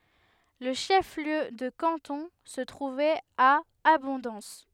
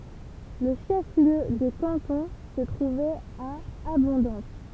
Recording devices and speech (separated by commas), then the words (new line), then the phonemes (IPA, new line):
headset microphone, temple vibration pickup, read sentence
Le chef-lieu de canton se trouvait à Abondance.
lə ʃəfliø də kɑ̃tɔ̃ sə tʁuvɛt a abɔ̃dɑ̃s